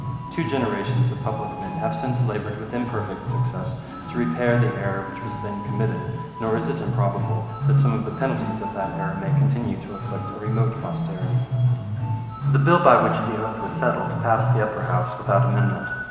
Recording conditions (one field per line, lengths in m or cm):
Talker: one person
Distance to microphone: 1.7 m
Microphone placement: close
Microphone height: 1.0 m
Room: very reverberant, large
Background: music